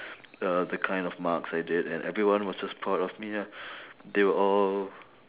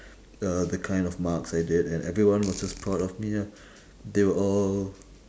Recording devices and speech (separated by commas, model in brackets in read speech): telephone, standing microphone, conversation in separate rooms